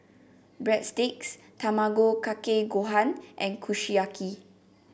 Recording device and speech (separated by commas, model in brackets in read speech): boundary microphone (BM630), read sentence